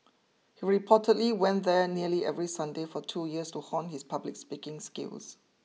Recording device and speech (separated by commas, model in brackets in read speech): mobile phone (iPhone 6), read sentence